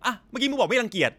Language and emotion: Thai, angry